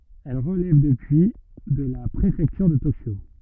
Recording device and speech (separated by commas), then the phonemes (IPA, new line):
rigid in-ear microphone, read sentence
ɛl ʁəlɛv dəpyi də la pʁefɛktyʁ də tokjo